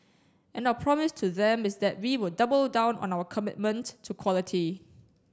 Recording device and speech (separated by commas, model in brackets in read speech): standing microphone (AKG C214), read sentence